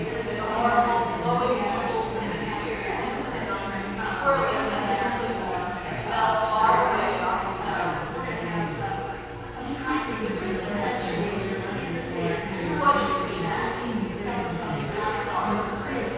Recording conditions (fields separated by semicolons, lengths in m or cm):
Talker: one person; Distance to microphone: 7.1 m; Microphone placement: far; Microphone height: 1.7 m; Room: very reverberant, large; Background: babble